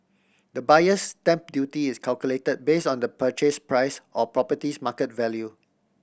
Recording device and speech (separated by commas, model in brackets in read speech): boundary microphone (BM630), read sentence